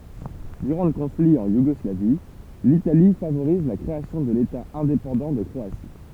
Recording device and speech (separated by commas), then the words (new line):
temple vibration pickup, read sentence
Durant le conflit, en Yougoslavie, l'Italie favorise la création de l'État indépendant de Croatie.